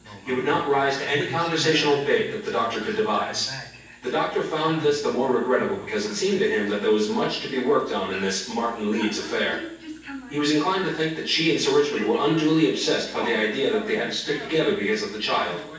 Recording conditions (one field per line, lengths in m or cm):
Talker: one person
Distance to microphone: 9.8 m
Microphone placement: far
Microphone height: 1.8 m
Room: large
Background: television